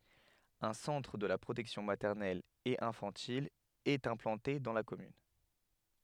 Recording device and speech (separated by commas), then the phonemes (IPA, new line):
headset microphone, read sentence
œ̃ sɑ̃tʁ də la pʁotɛksjɔ̃ matɛʁnɛl e ɛ̃fɑ̃til ɛt ɛ̃plɑ̃te dɑ̃ la kɔmyn